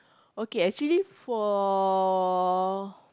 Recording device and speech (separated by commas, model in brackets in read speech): close-talking microphone, conversation in the same room